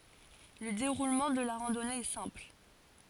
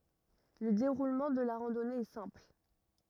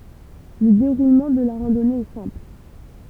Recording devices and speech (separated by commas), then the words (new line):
forehead accelerometer, rigid in-ear microphone, temple vibration pickup, read sentence
Le déroulement de la randonnée est simple.